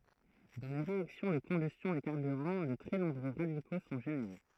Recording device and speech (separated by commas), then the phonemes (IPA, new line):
throat microphone, read sentence
dɑ̃ le ʁeaksjɔ̃ də kɔ̃bystjɔ̃ de kaʁbyʁɑ̃ də tʁɛ nɔ̃bʁø ʁadiko sɔ̃ ʒeneʁe